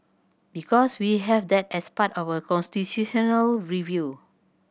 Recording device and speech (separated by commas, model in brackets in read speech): boundary microphone (BM630), read sentence